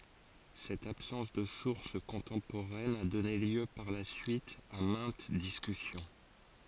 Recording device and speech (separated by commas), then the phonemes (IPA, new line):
forehead accelerometer, read sentence
sɛt absɑ̃s də suʁs kɔ̃tɑ̃poʁɛn a dɔne ljø paʁ la syit a mɛ̃t diskysjɔ̃